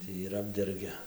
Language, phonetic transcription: Lithuanian, ˈtį ir ˈapdergia

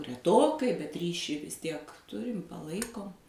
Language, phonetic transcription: Lithuanian, reˈtokai bet ˈryšį vis ˈtiek ˈturim paˈlaikom

